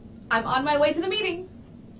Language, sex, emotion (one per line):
English
female
happy